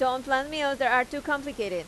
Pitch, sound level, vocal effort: 265 Hz, 93 dB SPL, loud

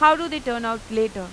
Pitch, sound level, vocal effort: 230 Hz, 96 dB SPL, loud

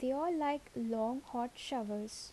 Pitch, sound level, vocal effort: 250 Hz, 74 dB SPL, soft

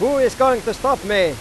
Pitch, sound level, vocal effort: 255 Hz, 103 dB SPL, very loud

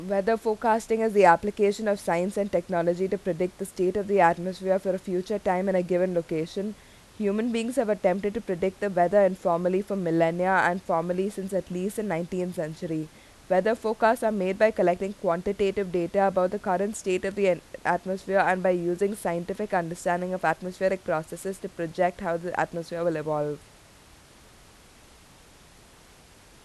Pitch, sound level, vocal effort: 185 Hz, 86 dB SPL, loud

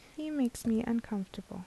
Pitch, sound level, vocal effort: 230 Hz, 75 dB SPL, soft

